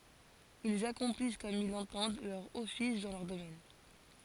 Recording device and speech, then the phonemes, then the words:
forehead accelerometer, read sentence
ilz akɔ̃plis kɔm il lɑ̃tɑ̃d lœʁ ɔfis dɑ̃ lœʁ domɛn
Ils accomplissent comme ils l’entendent leur office dans leur domaine.

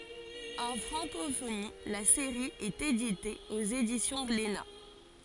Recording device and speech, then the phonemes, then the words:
forehead accelerometer, read sentence
ɑ̃ fʁɑ̃kofoni la seʁi ɛt edite oz edisjɔ̃ ɡlena
En francophonie, la série est éditée aux éditions Glénat.

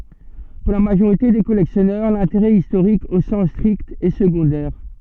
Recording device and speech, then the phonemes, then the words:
soft in-ear microphone, read sentence
puʁ la maʒoʁite de kɔlɛksjɔnœʁ lɛ̃teʁɛ istoʁik o sɑ̃s stʁikt ɛ səɡɔ̃dɛʁ
Pour la majorité des collectionneurs, l'intérêt historique au sens strict est secondaire.

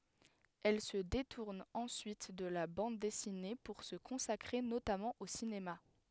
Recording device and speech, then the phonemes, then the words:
headset microphone, read sentence
ɛl sə detuʁn ɑ̃syit də la bɑ̃d dɛsine puʁ sə kɔ̃sakʁe notamɑ̃ o sinema
Elle se détourne ensuite de la bande dessinée pour se consacrer notamment au cinéma.

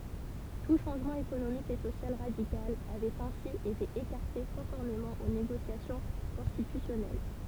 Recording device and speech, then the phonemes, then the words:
temple vibration pickup, read sentence
tu ʃɑ̃ʒmɑ̃ ekonomik e sosjal ʁadikal avɛt ɛ̃si ete ekaʁte kɔ̃fɔʁmemɑ̃ o neɡosjasjɔ̃ kɔ̃stitysjɔnɛl
Tout changement économique et social radical avait ainsi été écarté conformément aux négociations constitutionnelles.

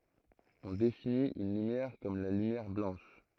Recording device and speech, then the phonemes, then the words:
throat microphone, read sentence
ɔ̃ definit yn lymjɛʁ kɔm la lymjɛʁ blɑ̃ʃ
On définit une lumière comme la lumière blanche.

